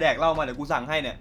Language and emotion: Thai, frustrated